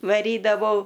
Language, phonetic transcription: Lithuanian, vaˈrydavau

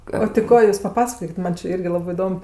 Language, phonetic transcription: Lithuanian, o ti ˈko jūs paˈpasakokit ˈman čė ˈirgi ˈlabɜ iˈdom

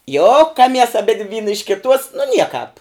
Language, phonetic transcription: Lithuanian, ˈjokamies aˈbidv' ˈvyna iš kiˈtuos nu ˈniekāp

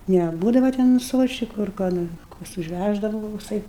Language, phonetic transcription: Lithuanian, neˈbūdava ten ˈsvuoščiku ar ko ˈnor ˈkoks užˈvæždava va kokˈsai

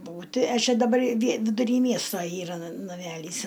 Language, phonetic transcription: Lithuanian, ˈbūti a ˈčia daˈbar vie viduˈry ˈmiesto ˈyra na naˈmælys

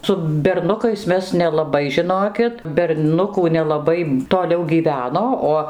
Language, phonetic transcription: Lithuanian, su berˈnukais ˈmes nelaˈbai žiˈnokit berˈnukų nelaˈbai toˈliau gyˈveno ˈo

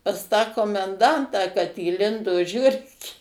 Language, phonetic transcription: Lithuanian, pas tą komenˈdantą kad įˈlindo ˈžiurkė

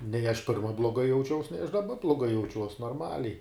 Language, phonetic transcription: Lithuanian, nei aš ˈpirma bloˈgai jauˈčiaus nei aš daˈba bloˈgai jauˈčiuos norˈmaliai

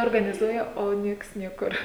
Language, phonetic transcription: Lithuanian, organiˈzuoja o ˈnieks ˈniekur

